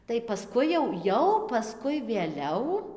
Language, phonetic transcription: Lithuanian, tai paˈskui jau ˈjau paˈskui vėˈliau

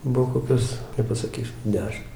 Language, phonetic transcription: Lithuanian, ˈbuv koˈkios nepasaˈkysiu ˈdešim

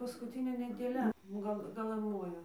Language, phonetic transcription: Lithuanian, paskuˈtinė nedėˈlia ˈgal gaˈlan ˈmojo

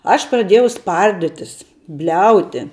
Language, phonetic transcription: Lithuanian, aš praˈdėjau ˈsparditis ˈbliauti

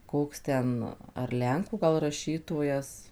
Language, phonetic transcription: Lithuanian, ˈkoks ˈten ar ˈlenkų gal raˈšytojas

